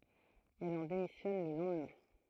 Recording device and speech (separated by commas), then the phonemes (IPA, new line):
throat microphone, read sentence
ɛl ɑ̃ demisjɔn lə lɑ̃dmɛ̃